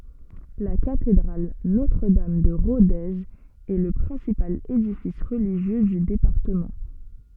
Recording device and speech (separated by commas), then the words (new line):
soft in-ear microphone, read sentence
La cathédrale Notre-Dame de Rodez est le principal édifice religieux du département.